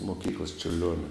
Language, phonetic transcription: Lithuanian, moˈkyklas čiurˈlionia

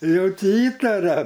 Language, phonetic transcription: Lithuanian, ˈjau ˈtie ˈįtaria

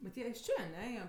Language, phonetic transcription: Lithuanian, bet ˈjie iš ˈčė aˈne ˈjie

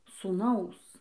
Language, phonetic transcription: Lithuanian, sūˈnaus

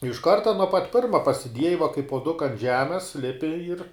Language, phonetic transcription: Lithuanian, iš ˈkarta nuo pat ˈpirma pasiˈdieji va kai puoˈduka ant ˈžemes ˈlipi ir

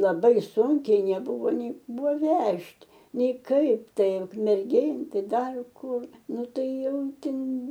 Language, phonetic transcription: Lithuanian, laˈbai ˈsunkiai neˈbuvo nei ˈbuvo ˈvežt' ˈnei ˈkaip ˈtai ukmerˈgėn ˈtai ˈdar ˈkur ˈnu ˈtai ˈjau ˈtin

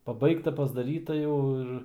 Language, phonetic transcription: Lithuanian, paˈbaigta pasdaˈryta ˈjau ir

